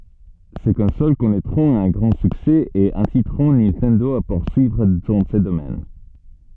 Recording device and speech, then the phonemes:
soft in-ear microphone, read sentence
se kɔ̃sol kɔnɛtʁɔ̃t œ̃ ɡʁɑ̃ syksɛ e ɛ̃sitʁɔ̃ nintɛndo a puʁsyivʁ dɑ̃ sə domɛn

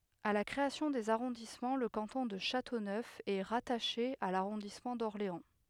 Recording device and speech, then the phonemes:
headset microphone, read sentence
a la kʁeasjɔ̃ dez aʁɔ̃dismɑ̃ lə kɑ̃tɔ̃ də ʃatonœf ɛ ʁataʃe a laʁɔ̃dismɑ̃ dɔʁleɑ̃

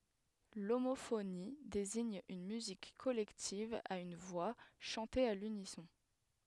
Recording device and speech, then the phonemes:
headset microphone, read sentence
lomofoni deziɲ yn myzik kɔlɛktiv a yn vwa ʃɑ̃te a lynisɔ̃

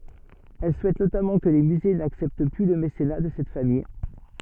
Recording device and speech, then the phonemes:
soft in-ear microphone, read sentence
ɛl suɛt notamɑ̃ kə le myze naksɛpt ply lə mesena də sɛt famij

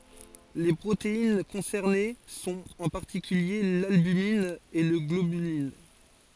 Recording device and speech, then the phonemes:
forehead accelerometer, read sentence
le pʁotein kɔ̃sɛʁne sɔ̃t ɑ̃ paʁtikylje lalbymin e la ɡlobylin

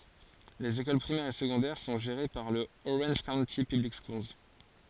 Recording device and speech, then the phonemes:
forehead accelerometer, read sentence
lez ekol pʁimɛʁz e səɡɔ̃dɛʁ sɔ̃ ʒeʁe paʁ lə oʁɑ̃ʒ kaownti pyblik skuls

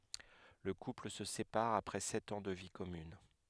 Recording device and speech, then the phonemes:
headset microphone, read sentence
lə kupl sə sepaʁ apʁɛ sɛt ɑ̃ də vi kɔmyn

